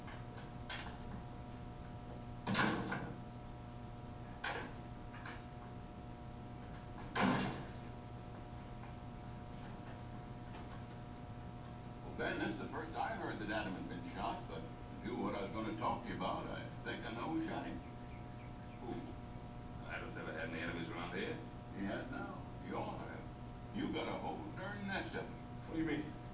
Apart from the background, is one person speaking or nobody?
No one.